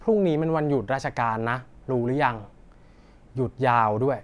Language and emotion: Thai, frustrated